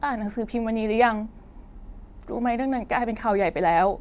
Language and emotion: Thai, sad